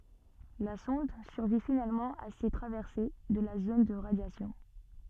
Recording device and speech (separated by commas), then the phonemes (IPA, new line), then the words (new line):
soft in-ear microphone, read sentence
la sɔ̃d syʁvi finalmɑ̃ a se tʁavɛʁse də la zon də ʁadjasjɔ̃
La sonde survit finalement à ses traversées de la zone de radiation.